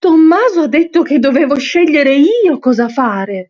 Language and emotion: Italian, surprised